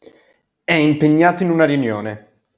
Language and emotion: Italian, neutral